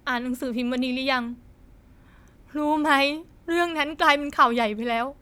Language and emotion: Thai, sad